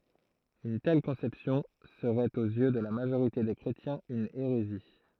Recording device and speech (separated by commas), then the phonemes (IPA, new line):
throat microphone, read sentence
yn tɛl kɔ̃sɛpsjɔ̃ səʁɛt oz jø də la maʒoʁite de kʁetjɛ̃z yn eʁezi